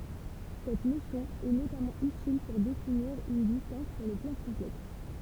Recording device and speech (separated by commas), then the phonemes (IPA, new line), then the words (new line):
temple vibration pickup, read sentence
sɛt nosjɔ̃ ɛ notamɑ̃ ytil puʁ definiʁ yn distɑ̃s syʁ lə plɑ̃ kɔ̃plɛks
Cette notion est notamment utile pour définir une distance sur le plan complexe.